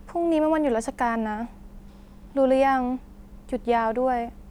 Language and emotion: Thai, frustrated